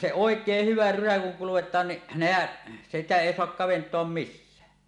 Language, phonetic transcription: Finnish, se "òek̀eeh 'hyvä 'rysä kuŋ (kuwot̀aan) ni , "nehäˀ , 'sitä 'èi soak "kavent̀oam "missää .
- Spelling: se oikein hyvä rysä kun kudotaan niin nehän sitä ei saa kaventaa missään

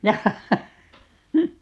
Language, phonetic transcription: Finnish, 'jahhahha .
- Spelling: jaaha

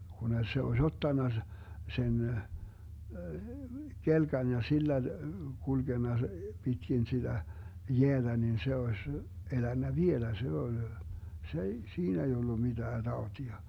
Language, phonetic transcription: Finnish, kune 'se oś "ottanna , 'sen , 'kelkan ja 'sillä , 'kulGenna , 'pitkin 'siDä , "jeäDä nin 'se 'oś , 'elännä "vielä 'se ol , 's ‿ei , 'siin ‿ei 'ollu 'miDää 'Daotia .
- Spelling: kun se olisi ottanut sen kelkan ja sillä kulkenut pitkin sitä jäätä niin se olisi elänyt vielä se oli se ei siinä ei ollut mitään tautia

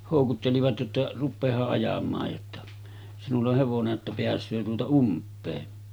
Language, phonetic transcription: Finnish, hòukuttelivat jotta » 'ruppeeha’ ’ajam̆maaj « jotta , » sinull ‿oh hevone’ ’että 'peäs̆söö tuota 'ump̆pee « .
- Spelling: houkuttelivat jotta rupeahan ajamaan jotta sinulla on hevonen että pääsee tuota umpea

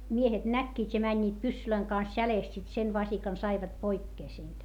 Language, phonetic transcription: Finnish, miehet näkkiit́ ja mäńńiit pyssylöiŋ kans jälèst sit sen vasikan saivat poikkee siint .
- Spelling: miehet näkivät ja menivät pyssyjen kanssa jäljestä sitten sen vasikan saivat pois siitä

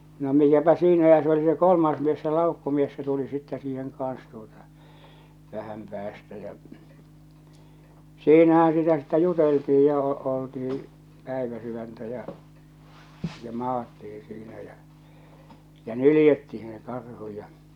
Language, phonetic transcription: Finnish, no mikäpä 'siinä ja se oli se 'kolmaas mies se 'làukkumies se tuli sittɛ siiheŋ kaan̬s tuota , 'vähäm päästä ja͕ , 'siinähää̰ sitä sittä 'jutelti₍i ja o- , oltihi , 'pä̀iväsyväntä ja͕ , ja 'maatti₍i siinä jä , jä "nylⁱjettihiḭ se karhu ja .
- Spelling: no mikäpä siinä ja se oli se kolmas mies se laukkumies se tuli sitten siihen kanssa tuota vähän päästä ja siinähän sitä sitten juteltiin ja - oltiin päiväsydäntä ja ja maattiin siinä ja ja nyljettiin se karhu ja

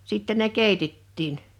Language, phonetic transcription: Finnish, 'sitte ne "kèitettiin .
- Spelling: sitten ne keitettiin

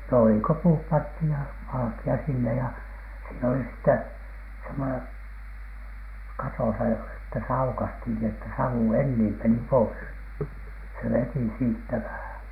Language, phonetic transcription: Finnish, no ei ‿ko 'puup 'panthij ja , "valᵃki₍a sinne ja , siin oli sⁱtte , semmonen , "katòsa ja , että se 'aukasthin ni että 'sau "enniim meni pois , se "veti 'siittä vähäN .
- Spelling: no ei kuin puut pantiin ja valkea sinne ja siinä oli sitten semmoinen katossa ja että se aukaistiin niin että savu enin meni pois se veti siitä vähän

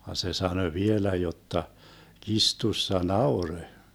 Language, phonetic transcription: Finnish, van 'se 'sanö "vielä 'jotta , 'kistussa "naurö .
- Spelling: vaan se sanoi vielä jotta kirstussa nauroi

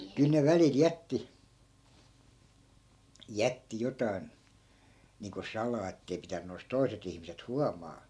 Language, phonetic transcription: Finnish, 'kyl ne 'välil "jätti , 'jätti 'jotai̮n , niiŋko 'salaa ettei 'pitänny oi̮s "toi̮set ‿ihmiset "huamaa .
- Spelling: kyllä ne välillä jätti jätti jotakin niin kuin salaa että ei pitänyt olisi toiset ihmiset huomata

